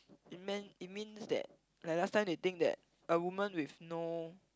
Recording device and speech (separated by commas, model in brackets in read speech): close-talking microphone, conversation in the same room